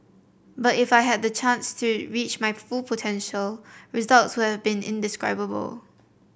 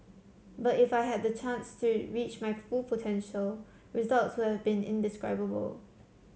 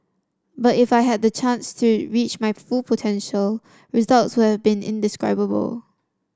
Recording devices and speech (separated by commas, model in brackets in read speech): boundary microphone (BM630), mobile phone (Samsung C7), standing microphone (AKG C214), read sentence